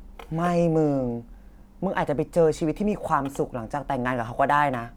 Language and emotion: Thai, neutral